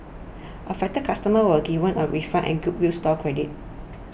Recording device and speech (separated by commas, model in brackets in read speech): boundary microphone (BM630), read sentence